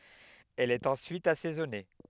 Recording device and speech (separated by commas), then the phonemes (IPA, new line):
headset microphone, read sentence
ɛl ɛt ɑ̃syit asɛzɔne